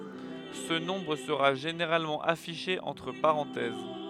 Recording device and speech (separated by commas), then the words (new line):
headset microphone, read sentence
Ce nombre sera généralement affiché entre parenthèses.